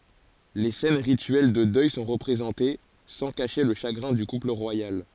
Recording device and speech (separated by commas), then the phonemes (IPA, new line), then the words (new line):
forehead accelerometer, read sentence
le sɛn ʁityɛl də dœj sɔ̃ ʁəpʁezɑ̃te sɑ̃ kaʃe lə ʃaɡʁɛ̃ dy kupl ʁwajal
Les scènes rituelles de deuil sont représentées, sans cacher le chagrin du couple royal.